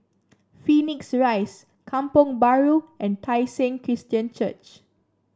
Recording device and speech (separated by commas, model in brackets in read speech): standing microphone (AKG C214), read sentence